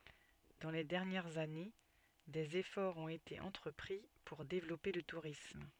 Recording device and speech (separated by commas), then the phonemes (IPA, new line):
soft in-ear microphone, read sentence
dɑ̃ le dɛʁnjɛʁz ane dez efɔʁz ɔ̃t ete ɑ̃tʁəpʁi puʁ devlɔpe lə tuʁism